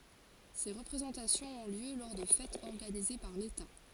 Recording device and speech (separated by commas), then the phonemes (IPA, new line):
forehead accelerometer, read sentence
se ʁəpʁezɑ̃tasjɔ̃z ɔ̃ ljø lɔʁ də fɛtz ɔʁɡanize paʁ leta